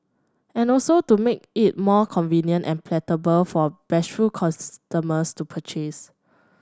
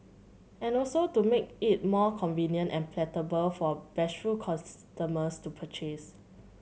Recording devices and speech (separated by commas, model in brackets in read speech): standing microphone (AKG C214), mobile phone (Samsung C7100), read sentence